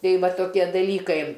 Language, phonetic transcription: Lithuanian, ˈtai ˈva toˈkie daˈlykai

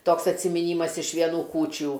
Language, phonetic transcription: Lithuanian, ˈtoks atsimiˈnymas iš vieˈnų ˈkūčių

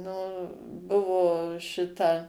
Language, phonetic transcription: Lithuanian, nu ˈbuvo ˈšita

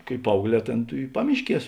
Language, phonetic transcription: Lithuanian, kai ˈpaaugˌlē ˈtėn tų i ˈpamišˌkies

